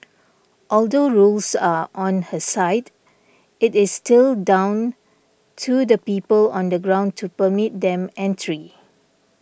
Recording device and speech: boundary microphone (BM630), read sentence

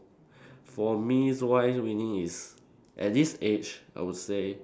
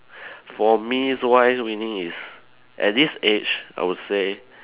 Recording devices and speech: standing microphone, telephone, conversation in separate rooms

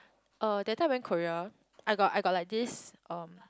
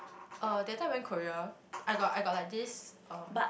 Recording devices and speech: close-talking microphone, boundary microphone, conversation in the same room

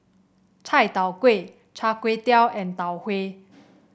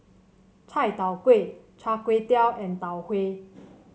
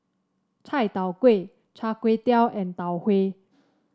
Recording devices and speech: boundary microphone (BM630), mobile phone (Samsung C7), standing microphone (AKG C214), read sentence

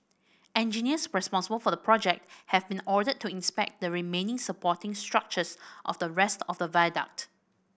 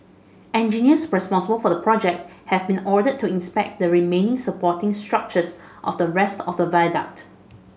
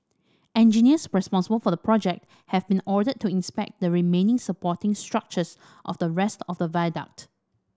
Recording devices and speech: boundary microphone (BM630), mobile phone (Samsung S8), standing microphone (AKG C214), read sentence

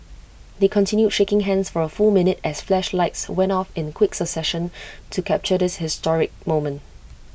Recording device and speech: boundary microphone (BM630), read sentence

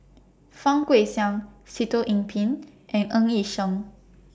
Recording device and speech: standing microphone (AKG C214), read sentence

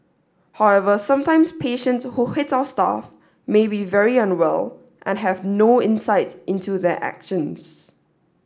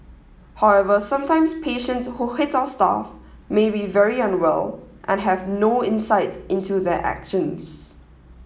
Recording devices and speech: standing microphone (AKG C214), mobile phone (iPhone 7), read sentence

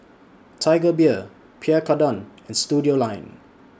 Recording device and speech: standing microphone (AKG C214), read sentence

